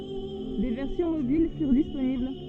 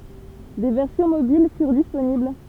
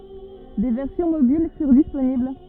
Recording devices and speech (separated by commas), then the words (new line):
soft in-ear microphone, temple vibration pickup, rigid in-ear microphone, read sentence
Des versions mobiles furent disponibles.